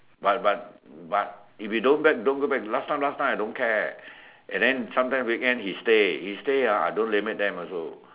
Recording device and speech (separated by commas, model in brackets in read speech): telephone, conversation in separate rooms